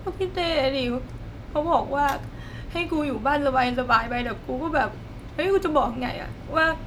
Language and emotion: Thai, sad